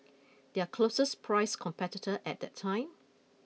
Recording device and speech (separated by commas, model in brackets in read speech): mobile phone (iPhone 6), read sentence